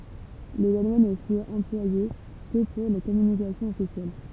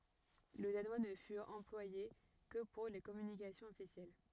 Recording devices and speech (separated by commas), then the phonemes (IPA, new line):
temple vibration pickup, rigid in-ear microphone, read sentence
lə danwa nə fyt ɑ̃plwaje kə puʁ le kɔmynikasjɔ̃z ɔfisjɛl